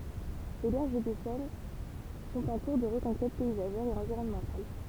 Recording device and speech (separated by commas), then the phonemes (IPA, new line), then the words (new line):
temple vibration pickup, read sentence
le bɛʁʒ də sɛn sɔ̃t ɑ̃ kuʁ də ʁəkɔ̃kɛt pɛizaʒɛʁ e ɑ̃viʁɔnmɑ̃tal
Les berges de Seine sont en cours de reconquête paysagère et environnementale.